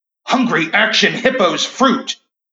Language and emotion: English, fearful